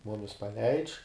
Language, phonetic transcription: Lithuanian, ˈmumis paˈleidž

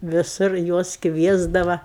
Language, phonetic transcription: Lithuanian, viˈsur ˈjuos ˈkviesdava

